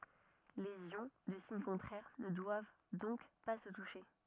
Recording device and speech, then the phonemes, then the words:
rigid in-ear microphone, read sentence
lez jɔ̃ də siɲ kɔ̃tʁɛʁ nə dwav dɔ̃k pa sə tuʃe
Les ions de signes contraires ne doivent donc pas se toucher.

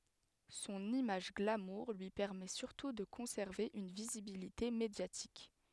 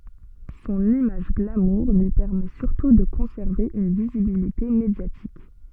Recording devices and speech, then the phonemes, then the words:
headset microphone, soft in-ear microphone, read sentence
sɔ̃n imaʒ ɡlamuʁ lyi pɛʁmɛ syʁtu də kɔ̃sɛʁve yn vizibilite medjatik
Son image glamour lui permet surtout de conserver une visibilité médiatique.

